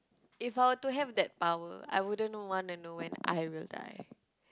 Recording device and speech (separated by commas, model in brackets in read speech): close-talking microphone, conversation in the same room